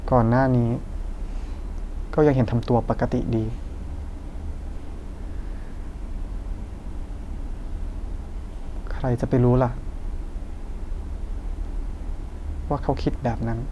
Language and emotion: Thai, sad